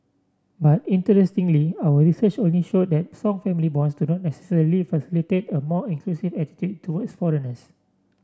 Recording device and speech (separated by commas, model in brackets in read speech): standing microphone (AKG C214), read sentence